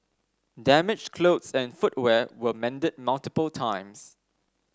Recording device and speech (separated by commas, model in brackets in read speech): standing microphone (AKG C214), read sentence